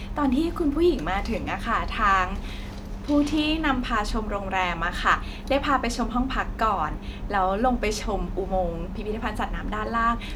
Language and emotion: Thai, happy